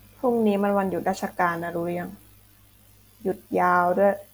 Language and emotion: Thai, frustrated